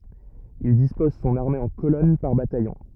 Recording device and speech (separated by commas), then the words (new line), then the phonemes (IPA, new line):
rigid in-ear microphone, read sentence
Il dispose son armée en colonnes par bataillon.
il dispɔz sɔ̃n aʁme ɑ̃ kolɔn paʁ batajɔ̃